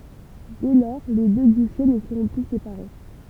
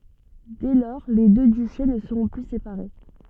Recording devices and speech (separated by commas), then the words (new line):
temple vibration pickup, soft in-ear microphone, read sentence
Dès lors, les deux duchés ne seront plus séparés.